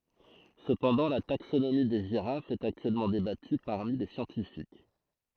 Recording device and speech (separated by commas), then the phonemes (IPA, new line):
throat microphone, read sentence
səpɑ̃dɑ̃ la taksonomi de ʒiʁafz ɛt aktyɛlmɑ̃ debaty paʁmi le sjɑ̃tifik